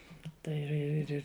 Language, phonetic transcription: Lithuanian, ˈtai ir ir ir ˈir

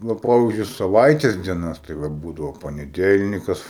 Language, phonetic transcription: Lithuanian, ˈva ˈpavyzdžiui saˈvaites dieˈnas tai ˈva ˈbūdavo paneˈdelnikas

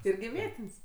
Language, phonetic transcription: Lithuanian, ˈirgi ˈvietin's'

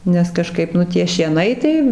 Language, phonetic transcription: Lithuanian, nes kaˈžkaip ˈnu tie šieˈnai tai

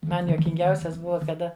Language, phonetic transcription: Lithuanian, ˈman juokinˈgiausias ˈbuva kaˈda

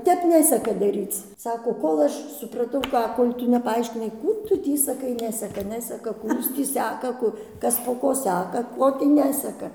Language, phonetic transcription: Lithuanian, ˈtep ˈneseka ˈdaryc ˈsako ˈkol aš supraˈtau ˈką ˈkol' ˈtu nepaaiškiˈnai ˈkų ˈtu ˈtį saˈkai ˈneseka ˈneseka ˈkų ˈjūs tį ˈsæka ˈku ˈkas po ˈko ˈsæka ˈko tį ˈneseka

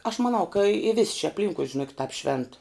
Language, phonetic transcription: Lithuanian, aš maˈnau ka i vis' či apˈlinkui žiˈnokit tāp švent

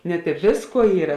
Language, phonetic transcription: Lithuanian, net i ˈvėsˌkuo ˈyra

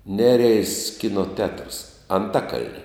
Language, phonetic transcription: Lithuanian, ˈnereis ˈkino tetrs anˈtakal'ni

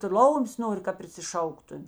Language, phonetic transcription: Lithuanian, ˈtu ˈlaumės ˈnori ka prisiˈšauktumi

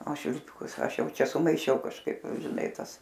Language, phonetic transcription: Lithuanian, o švilˈpikus ˈaš ˈjau ˈčia sumaiˈšiau kažˈkaip žiˈnai ˈtas

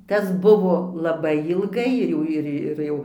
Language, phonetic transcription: Lithuanian, ˈtas ˈbuvo laˈbai ilˈgai ir ˈjau ir ir ˈjau

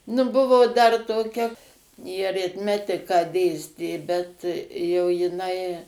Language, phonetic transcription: Lithuanian, nu ˈbuvo ˈdar toˈkia ji aritˈmetiką ˈdėstė bet ˈjau jiˈnai

